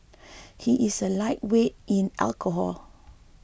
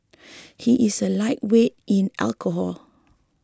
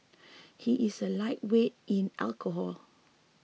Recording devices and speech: boundary microphone (BM630), close-talking microphone (WH20), mobile phone (iPhone 6), read sentence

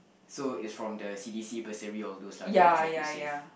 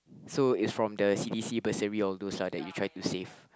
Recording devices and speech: boundary microphone, close-talking microphone, conversation in the same room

